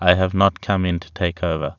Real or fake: real